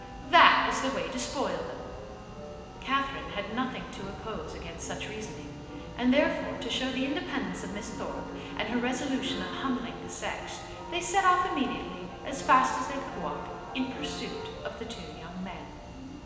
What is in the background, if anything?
Music.